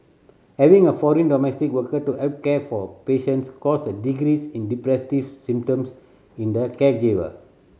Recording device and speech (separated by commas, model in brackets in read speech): mobile phone (Samsung C7100), read sentence